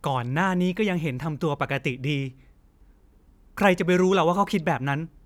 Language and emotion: Thai, frustrated